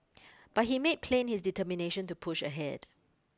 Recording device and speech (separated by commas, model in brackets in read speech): close-talking microphone (WH20), read sentence